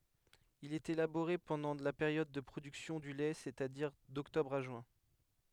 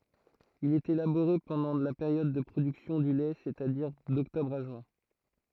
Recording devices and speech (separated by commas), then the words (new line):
headset microphone, throat microphone, read sentence
Il est élaboré pendant la période de production du lait c'est-à-dire d'octobre à juin.